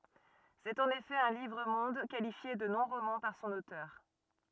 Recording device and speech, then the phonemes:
rigid in-ear microphone, read sentence
sɛt ɑ̃n efɛ œ̃ livʁ mɔ̃d kalifje də nɔ̃ ʁomɑ̃ paʁ sɔ̃n otœʁ

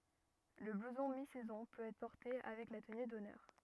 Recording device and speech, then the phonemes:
rigid in-ear microphone, read sentence
lə bluzɔ̃ mi sɛzɔ̃ pøt ɛtʁ pɔʁte avɛk la təny dɔnœʁ

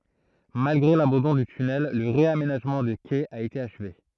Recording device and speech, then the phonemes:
throat microphone, read sentence
malɡʁe labɑ̃dɔ̃ dy tynɛl lə ʁeamenaʒmɑ̃ de kɛz a ete aʃve

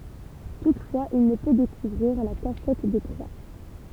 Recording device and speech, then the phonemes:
temple vibration pickup, read sentence
tutfwaz il nə pø dekuvʁiʁ la kaʃɛt de tʁwa

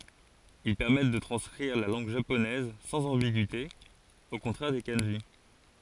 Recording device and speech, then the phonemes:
forehead accelerometer, read sentence
il pɛʁmɛt də tʁɑ̃skʁiʁ la lɑ̃ɡ ʒaponɛz sɑ̃z ɑ̃biɡyite o kɔ̃tʁɛʁ de kɑ̃ʒi

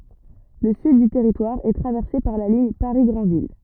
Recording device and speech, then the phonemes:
rigid in-ear microphone, read sentence
lə syd dy tɛʁitwaʁ ɛ tʁavɛʁse paʁ la liɲ paʁi ɡʁɑ̃vil

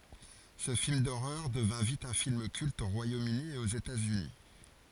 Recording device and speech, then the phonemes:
forehead accelerometer, read sentence
sə film doʁœʁ dəvɛ̃ vit œ̃ film kylt o ʁwajomøni e oz etatsyni

